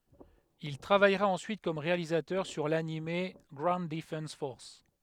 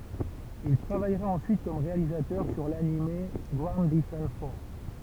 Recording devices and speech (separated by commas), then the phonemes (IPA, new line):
headset microphone, temple vibration pickup, read sentence
il tʁavajʁa ɑ̃syit kɔm ʁealizatœʁ syʁ lanim ɡwaund dəfɑ̃s fɔʁs